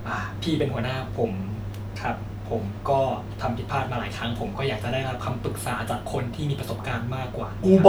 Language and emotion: Thai, sad